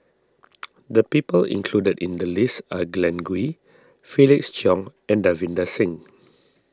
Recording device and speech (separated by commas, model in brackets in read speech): standing microphone (AKG C214), read sentence